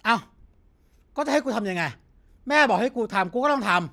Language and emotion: Thai, angry